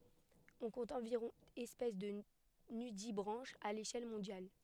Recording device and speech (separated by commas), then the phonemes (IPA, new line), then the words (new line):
headset microphone, read sentence
ɔ̃ kɔ̃t ɑ̃viʁɔ̃ ɛspɛs də nydibʁɑ̃ʃz a leʃɛl mɔ̃djal
On compte environ espèces de nudibranches à l'échelle mondiale.